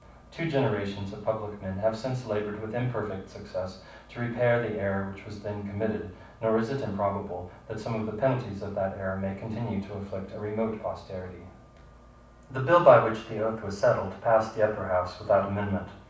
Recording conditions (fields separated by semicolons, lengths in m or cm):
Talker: one person; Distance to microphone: 5.8 m; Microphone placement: far; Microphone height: 1.8 m; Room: medium-sized (5.7 m by 4.0 m); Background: none